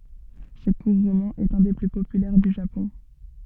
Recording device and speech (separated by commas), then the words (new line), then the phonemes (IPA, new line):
soft in-ear microphone, read sentence
Ce court roman est un des plus populaires du Japon.
sə kuʁ ʁomɑ̃ ɛt œ̃ de ply popylɛʁ dy ʒapɔ̃